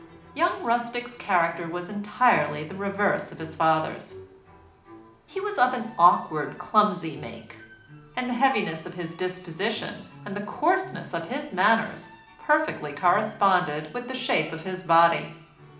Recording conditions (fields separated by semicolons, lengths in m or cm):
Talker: one person; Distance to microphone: 2.0 m; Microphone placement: close; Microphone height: 99 cm; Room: medium-sized (5.7 m by 4.0 m); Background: music